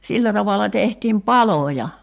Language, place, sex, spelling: Finnish, Kerimäki, female, sillä tavalla tehtiin paloja
- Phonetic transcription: 'sillä tavala 'tehtiim "paloja .

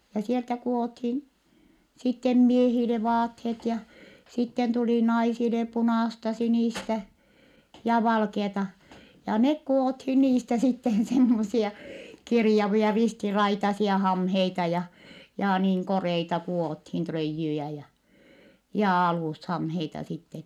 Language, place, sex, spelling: Finnish, Vittanki, female, ja sieltä kudottiin sitten miehille vaatteet ja sitten tuli naisille punaista sinistä ja valkeaa ja ne kudottiin niistä sitten semmoisia kirjavia ristiraitaisia hameita ja ja niin koreita kudottiin tröijyjä ja ja alushameita sitten
- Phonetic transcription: ja sieltä ku₍othin , sittem miehile vaathet ja , sitten tuli naisile punàsta sinìstä , ja valkeata , ja nek ku₍othin niistä sitten semmosia , kirjavia ristiraitasia hamheita ja , ja niiŋ koreita ku₍òthin tröijjyjä ja , ja alùshamheita sitten .

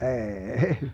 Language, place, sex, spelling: Finnish, Vermlanti, male, ei
- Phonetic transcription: 'eee₍'ei !

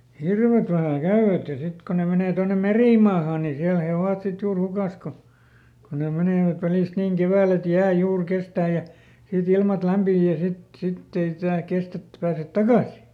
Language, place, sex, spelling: Finnish, Lieto, male, hirvet vähän käyvät ja sitten kun ne menee tuonne merimaahaan niin siellä he ovat sitten juuri hukassa kun kun ne menevät välistä niin keväällä että jää juuri kestää ja sitten ilmat lämpiää ja sitten sitten ei jää kestä että ei pääse takaisin
- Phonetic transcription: ˈhirvet vähä "käyvät ja ˈsit ko ne menè ˈtonnem̆ "merìmaahaa nii ˈsiäl he ˈovat ˈsit ˈjuur ˈhukàs ko , ko ne ˈmenèvät ˈvälìst niiŋ "kevääl ‿et ˈjää ˈjuur ˈkestää ja , siˈt ‿ilmat ˈlämpii ja ˈsit , ˈsitt ‿ei ˈjää ˈkestᵃ̈ ettᵉ pääset "takàsi .

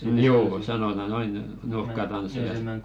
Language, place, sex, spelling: Finnish, Velkua, male, ne joo sanotaan noin nurkkatansseja
- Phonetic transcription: n̥ 'joo , sanota "noin , 'nurk̆katanseja .

